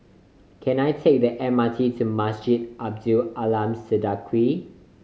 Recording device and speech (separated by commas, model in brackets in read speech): mobile phone (Samsung C5010), read sentence